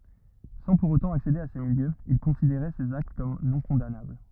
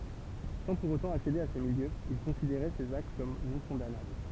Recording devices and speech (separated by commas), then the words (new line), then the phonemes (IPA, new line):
rigid in-ear microphone, temple vibration pickup, read sentence
Sans pour autant accéder à ces milieux, il considérait ces actes comme non-condamnables.
sɑ̃ puʁ otɑ̃ aksede a se miljøz il kɔ̃sideʁɛ sez akt kɔm nɔ̃kɔ̃danabl